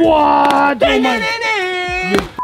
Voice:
Deep Voice